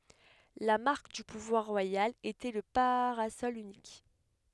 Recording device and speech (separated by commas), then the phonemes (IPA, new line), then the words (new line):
headset microphone, read sentence
la maʁk dy puvwaʁ ʁwajal etɛ lə paʁasɔl ynik
La marque du pouvoir royal était le parasol unique.